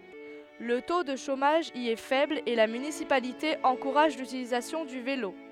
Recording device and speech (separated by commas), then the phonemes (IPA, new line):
headset microphone, read sentence
lə to də ʃomaʒ i ɛ fɛbl e la mynisipalite ɑ̃kuʁaʒ lytilizasjɔ̃ dy velo